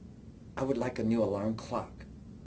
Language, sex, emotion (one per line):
English
male
neutral